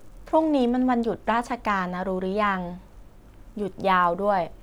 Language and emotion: Thai, neutral